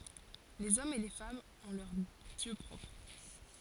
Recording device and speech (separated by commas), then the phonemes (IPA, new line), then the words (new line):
forehead accelerometer, read sentence
lez ɔmz e le famz ɔ̃ lœʁ djø pʁɔpʁ
Les hommes et les femmes ont leurs dieux propres.